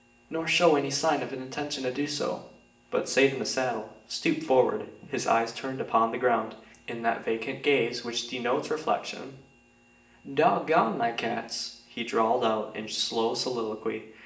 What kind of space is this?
A spacious room.